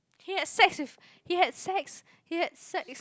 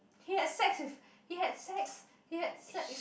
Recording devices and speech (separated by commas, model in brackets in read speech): close-talking microphone, boundary microphone, conversation in the same room